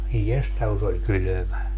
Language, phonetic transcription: Finnish, aij 'jesta ku se oĺ "kylömä .
- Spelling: ai jesta kun se oli kylmä

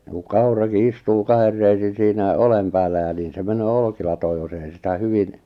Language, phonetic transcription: Finnish, ku "kauraki "istuu "kaher 'reisin̬ siinä "olem 'päällä ja 'niin se 'menöö 'olkilatooj jos ‿ei sitä 'hyvin ,.
- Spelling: kun kaurakin istuu kahden reisin siinä oljen päällä ja niin se menee olkilatoon jos ei sitä hyvin

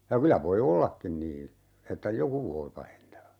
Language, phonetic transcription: Finnish, ja 'kylä voi "ollakkin niin̬ , 'että "joku voi 'pahentaa .
- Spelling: ja kyllä voi ollakin niin että joku voi pahentaa

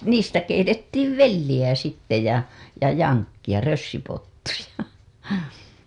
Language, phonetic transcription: Finnish, niistä 'keitettiiv "velliʲä sitte ja , ja 'jaŋkkiʲa , rössypottuja .
- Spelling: niistä keitettiin velliä sitten ja ja jankkia rössypottuja

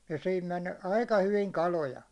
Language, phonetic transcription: Finnish, ja sihim 'men , 'aika 'hyviŋ "kaloja .
- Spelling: ja siihen meni aika hyvin kaloja

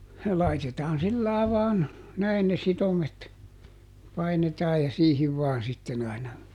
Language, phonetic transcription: Finnish, ˈlaitetaan ˈsillài̮ vaan , ˈnäin ne ˈsitomet , ˈpainetaaj ja ˈsiihiv vaan ˈsitten ‿aina .
- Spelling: laitetaan sillä lailla vain näin ne sitomet painetaan ja siihen vain sitten aina

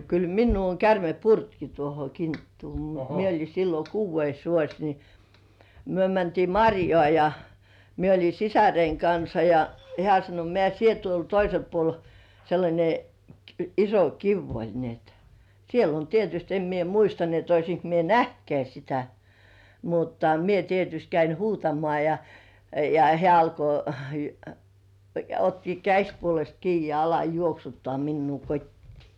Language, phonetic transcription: Finnish, 'kyl "minnuu oŋ kärme "purtki tuoho 'kinttuu mut mie oĺi sillo "kuuvveis 'vuoś ni , 'myö mäntii "maŕjoà ja , 'mie oĺi "sisäreiŋ 'kansa ja , "hĕä̀§ sano » 'mĕä̀ "sie tuol 'toisel puol « , sellańe iso "kiv ‿oĺ ni ‿et , 'siel ‿oĺ "tietyst 'em mie "muista ni ‿et 'oisiŋk mie "nähtkeä 'sitä , mutta 'mie tietyst 'käin "huutamoà ja , ja 'hĕä§ alko , ja otti "käśpuolest kii ja 'ala "juoksuttoà minnuu "kot́tii .
- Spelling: kyllä minua on käärme purrutkin tuohon kinttuun mutta minä olin silloin kuudes vuosi niin me mentiin marjaan ja minä oli sisareni kanssa ja hän sanoi mene sinä tuolle toiselle puolelle sellainen iso kivi oli niin että siellä oli tietysti en minä muista niin että olisinko minä nähnytkään sitä mutta minä tietysti kävin huutamaan ja ja hän alkoi ja otti käsipuolesta kiinni ja ala juoksuttaa minua kotiin

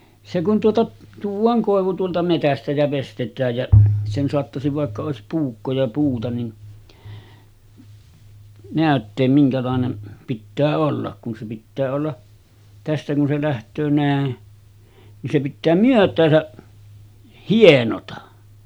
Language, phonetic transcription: Finnish, se kun tuota , 'tuuv̆vaaŋ 'kòevu tuolta metästä jä 'vestet̆tääj jä , sen soattasiv vàekka 'òesip "puukko ja 'puuta nin , 'nä̀ötteem miŋkälàenem 'pittää 'ollak kun se pittää olla , 'tästä kun se läht̀öö nä̀e , nin se pittää "myöt̆tääsä , 'hienota .
- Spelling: se kun tuota tuodaan koivu tuolta metsästä ja veistetään ja sen saattaisin vaikka olisi puukko ja puuta niin näyttää minkälainen pitää olla kun se pitää olla tästä kun se lähtee näin niin se pitää myötäänsä hienota

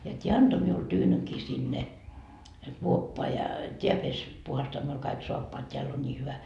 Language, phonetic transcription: Finnish, ja t́iä 'anto miul "tyynykii sinne , 'kuoppoa ja , 't́iä pes , puhastoa miul kaik 'soappoat t́eäll ‿on ńii 'hyvä .
- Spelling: ja tämä antoi minulle tyynynkin sinne kuoppaan ja tämä pesi puhdistaa minulle kaikki saappaat täällä on niin hyvä

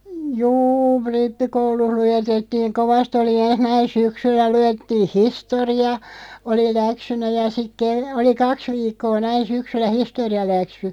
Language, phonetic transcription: Finnish, 'juu , "rippikouluh 'lujetettiiŋ 'kovast ‿oli 'enh näin "syksyllä 'lujettiiʰ "histori₍a , 'oli "läksynä ja sik ke- , oli "kaks 'viikkoo 'näin̬ 'syksyllä "histori₍aläksy .
- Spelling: juu rippikoulussa luetettiin kovasti oli ensin näin syksyllä luettiin historia oli läksynä ja sitten - oli kaksi viikkoa näin syksyllä historialäksy

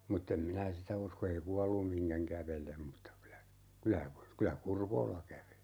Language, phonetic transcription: Finnish, 'mutt ‿em 'minä "sitä usko 'ei "kuallum 'miŋkäŋ 'kävelem mutta kylä , 'kylä , 'kylä "Kurvoola ('käveli) .
- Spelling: mutta en minä sitä usko ei kuollut mihinkään kävele mutta kyllä kyllä kyllä Kurvola käveli

